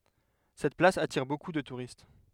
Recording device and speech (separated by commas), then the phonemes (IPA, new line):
headset microphone, read sentence
sɛt plas atiʁ boku də tuʁist